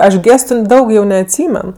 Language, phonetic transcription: Lithuanian, ˈaš ˈgėstu ˈdaug jau neatˈsymen

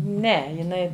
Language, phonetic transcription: Lithuanian, ˈne jiˈnai

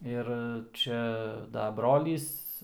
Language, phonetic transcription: Lithuanian, ˈir ˈčia da ˈbrolys

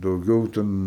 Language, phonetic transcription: Lithuanian, dauˈgiau ˈten

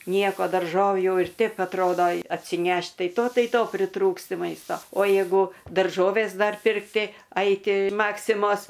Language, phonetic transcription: Lithuanian, ˈnieko darˈžovių jau ir ˈteip atˈrodo atsiˈnešt ˈtai to ˈtai ˈto priˈtrūksti ˈmaisto o ˈjėgu darˈžovės ˈdar pirkˈti ˈaiti ˈmaksimos

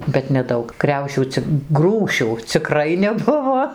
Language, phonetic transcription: Lithuanian, bet neˈdaug ˈkriaušių cik ˈgrūšių ciˈkrai neˈbuvo

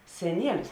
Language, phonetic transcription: Lithuanian, seˈnielis

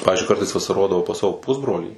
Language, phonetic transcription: Lithuanian, ˈpavizdžiui ˈkartais vasaˈrodavau pas ˈsavo ˈpusbrolį

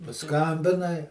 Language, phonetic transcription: Lithuanian, paˈskambinai

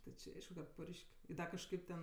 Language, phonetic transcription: Lithuanian, ti či ˈaišku kad ˈpurš'k' ˈda kažˈkaip ten

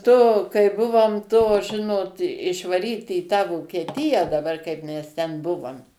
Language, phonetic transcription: Lithuanian, to kai ˈbuvom to ˈžinot išvaˈryti į tą vokieˈtiją daˈbar kaip ˈmes ˈten ˈbuvom

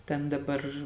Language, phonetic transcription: Lithuanian, ˈten daˈbar

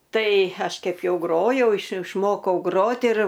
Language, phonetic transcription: Lithuanian, ˈtai ˈaš ˈkep ˈjau ˈgrojau iš išˈmokau ˈgrot ir

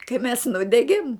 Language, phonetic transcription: Lithuanian, kai mes ˈnudegėm

